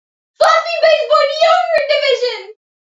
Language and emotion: English, happy